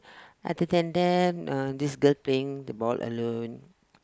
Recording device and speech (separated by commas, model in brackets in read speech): close-talking microphone, conversation in the same room